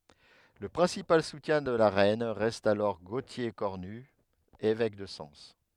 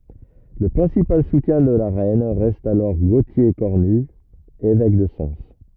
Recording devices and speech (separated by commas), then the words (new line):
headset microphone, rigid in-ear microphone, read sentence
Le principal soutien de la reine reste alors Gauthier Cornut, évêque de Sens.